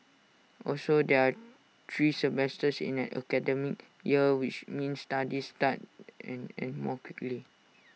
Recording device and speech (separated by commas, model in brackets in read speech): mobile phone (iPhone 6), read sentence